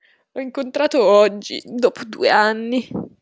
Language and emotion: Italian, sad